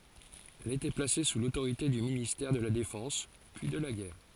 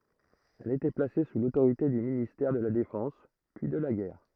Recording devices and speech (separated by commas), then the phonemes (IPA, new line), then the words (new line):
forehead accelerometer, throat microphone, read sentence
ɛl etɛ plase su lotoʁite dy ministɛʁ də la defɑ̃s pyi də la ɡɛʁ
Elle était placée sous l'autorité du ministère de la Défense puis de la Guerre.